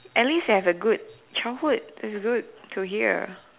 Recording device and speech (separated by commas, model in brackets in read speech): telephone, conversation in separate rooms